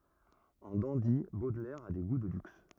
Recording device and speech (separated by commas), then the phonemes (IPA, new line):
rigid in-ear microphone, read sentence
ɑ̃ dɑ̃di bodlɛʁ a de ɡu də lyks